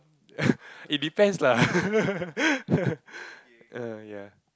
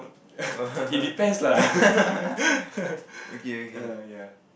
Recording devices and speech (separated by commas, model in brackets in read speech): close-talking microphone, boundary microphone, conversation in the same room